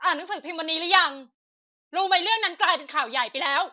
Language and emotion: Thai, angry